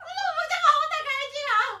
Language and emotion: Thai, happy